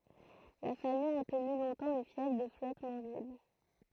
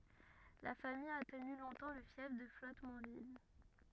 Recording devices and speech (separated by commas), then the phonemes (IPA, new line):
throat microphone, rigid in-ear microphone, read sentence
la famij a təny lɔ̃tɑ̃ lə fjɛf də flɔtmɑ̃vil